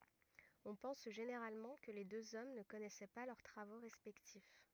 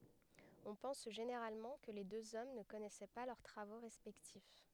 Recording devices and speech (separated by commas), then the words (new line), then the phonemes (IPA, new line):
rigid in-ear microphone, headset microphone, read sentence
On pense généralement que les deux hommes ne connaissaient pas leurs travaux respectifs.
ɔ̃ pɑ̃s ʒeneʁalmɑ̃ kə le døz ɔm nə kɔnɛsɛ pa lœʁ tʁavo ʁɛspɛktif